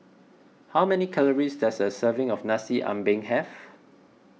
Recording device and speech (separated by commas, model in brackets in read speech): mobile phone (iPhone 6), read sentence